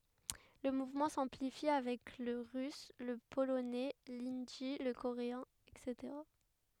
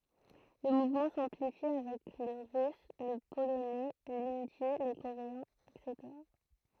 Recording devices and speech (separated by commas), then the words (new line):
headset microphone, throat microphone, read sentence
Le mouvement s'amplifie avec le russe, le polonais, l'hindi, le coréen, etc.